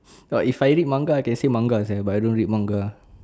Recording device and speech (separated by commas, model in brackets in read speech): standing microphone, conversation in separate rooms